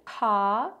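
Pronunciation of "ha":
The vowel in this syllable is very open.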